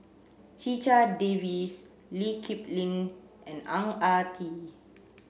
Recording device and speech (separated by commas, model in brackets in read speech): boundary microphone (BM630), read sentence